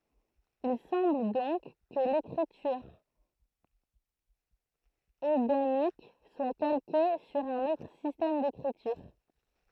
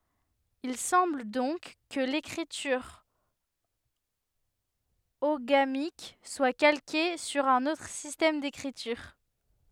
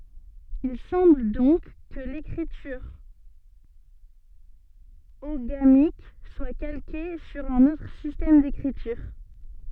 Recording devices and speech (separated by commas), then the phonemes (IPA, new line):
throat microphone, headset microphone, soft in-ear microphone, read sentence
il sɑ̃bl dɔ̃k kə lekʁityʁ oɡamik swa kalke syʁ œ̃n otʁ sistɛm dekʁityʁ